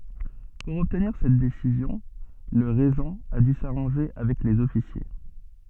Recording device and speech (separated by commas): soft in-ear microphone, read sentence